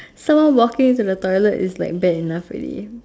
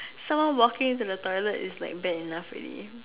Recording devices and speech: standing microphone, telephone, conversation in separate rooms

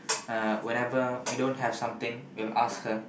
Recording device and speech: boundary microphone, conversation in the same room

